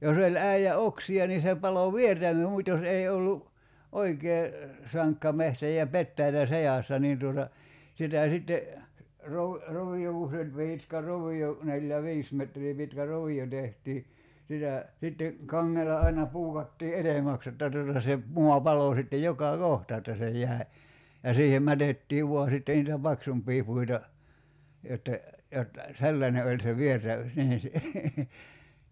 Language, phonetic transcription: Finnish, 'jos ‿oĺ "ä̀ijä "oksi₍a ni se 'palo "viertämə- 'mut́ jos "èi 'ollu , "oikee , 'saŋkka 'mehtä ja 'pettäitä "sejàssa niin tuota , 'sitä̀ sitte , rov- , 'rovijo ku se oĺ 'piitkä "rovi₍o , 'neljä "viis metrii pitkä 'rovi₍o tehtii , 'sitä , 'sitte , 'kaŋŋela aina 'puukattii "etemäks jotta tuta se , 'mua 'palò sitte 'joka "kohta että se 'j̀ä̀i̬ , ja 'siihem 'mätettii 'vua sitte niitä "paksump̀ii 'puita , 'jotte , 'jot , "sellańe oĺ se "viertä- , 'nii .
- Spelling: jos oli äijä oksia niin se paloi - mutta jos ei ollut oikein sankka metsä ja petäjiä seassa niin tuota sitä sitten - rovio kun se oli pitkä rovio neljä viisi metriä pitkä rovio tehtiin sitä sitten kangella aina puukattiin edemmäksi jotta tuota se maa paloi sitten joka kohta että se jäi ja siihen mätettiin vain sitten niitä paksumpia puita jotta jotta sellainen oli se - niin

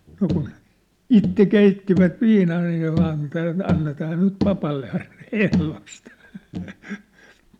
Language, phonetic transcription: Finnish, no kun , "itte "keittivät "viinaa aij ja vaan ‿ᵉtä , 'annetaa nyt 'papalle ain , "ehlost .
- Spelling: no kun itse keittivät viinaa aina ja vain että annetaan nyt papalle aina ehdosta

